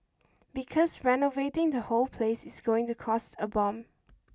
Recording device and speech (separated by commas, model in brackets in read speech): standing microphone (AKG C214), read sentence